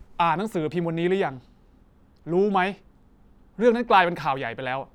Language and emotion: Thai, frustrated